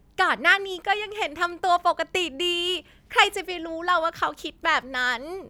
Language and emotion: Thai, happy